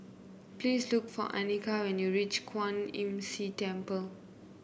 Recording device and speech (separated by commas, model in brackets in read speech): boundary microphone (BM630), read sentence